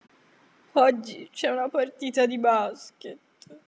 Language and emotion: Italian, sad